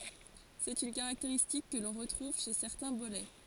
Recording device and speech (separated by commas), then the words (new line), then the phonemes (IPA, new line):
forehead accelerometer, read sentence
C'est une caractéristique que l'on retrouve chez certains bolets.
sɛt yn kaʁakteʁistik kə lɔ̃ ʁətʁuv ʃe sɛʁtɛ̃ bolɛ